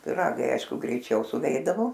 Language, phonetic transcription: Lithuanian, piˈragai ˈaišku greiˈčiau suˈveidavo

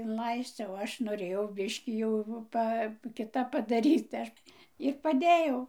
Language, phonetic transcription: Lithuanian, inˈlais'c' o ˈaš noˈrėjau ˈbiškį jau ˈpa kiˈtap padaˈryt tai ˈaš ir paˈdėjau

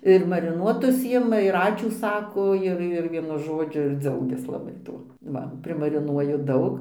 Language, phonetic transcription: Lithuanian, ir mariˈnuotus ˈjima ir ˈačiū ˈsako ˈir ir ˈvienu ˈžodžiu ir ˈdzaugias laˈbai ˈtuo ˈva primariˈnuoju ˈdaug

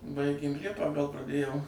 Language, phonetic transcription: Lithuanian, ˈbaigėm ˈliepą gal praˈdėjom

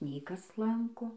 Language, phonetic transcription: Lithuanian, nei ˈkas ˈlanko

